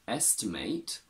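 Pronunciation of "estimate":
'Estimate' is said as the verb, with the last syllable pronounced like 'eight'.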